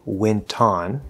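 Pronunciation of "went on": In 'went on', the T at the end of 'went' is kept and pronounced before 'on'.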